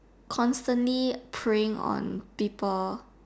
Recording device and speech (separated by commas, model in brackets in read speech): standing microphone, conversation in separate rooms